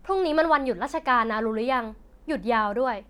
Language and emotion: Thai, neutral